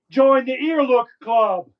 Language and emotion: English, neutral